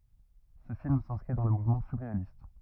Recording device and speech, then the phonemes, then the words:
rigid in-ear microphone, read sentence
sə film sɛ̃skʁi dɑ̃ lə muvmɑ̃ syʁʁealist
Ce film s'inscrit dans le mouvement surréaliste.

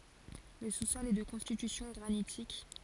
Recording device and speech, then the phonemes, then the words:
forehead accelerometer, read sentence
lə su sɔl ɛ də kɔ̃stitysjɔ̃ ɡʁanitik
Le sous-sol est de constitution granitique.

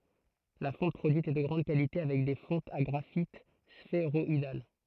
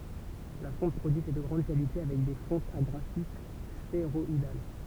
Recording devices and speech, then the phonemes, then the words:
throat microphone, temple vibration pickup, read sentence
la fɔ̃t pʁodyit ɛ də ɡʁɑ̃d kalite avɛk de fɔ̃tz a ɡʁafit sfeʁɔidal
La fonte produite est de grande qualité avec des fontes à graphites sphéroïdales.

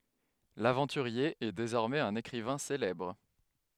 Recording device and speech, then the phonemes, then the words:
headset microphone, read sentence
lavɑ̃tyʁje ɛ dezɔʁmɛz œ̃n ekʁivɛ̃ selɛbʁ
L’aventurier est désormais un écrivain célèbre.

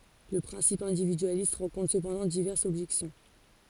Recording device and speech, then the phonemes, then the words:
forehead accelerometer, read sentence
lə pʁɛ̃sip ɛ̃dividyalist ʁɑ̃kɔ̃tʁ səpɑ̃dɑ̃ divɛʁsz ɔbʒɛksjɔ̃
Le principe individualiste rencontre cependant diverses objections.

